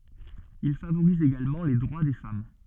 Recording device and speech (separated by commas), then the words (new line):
soft in-ear microphone, read sentence
Il favorise également les droits des femmes.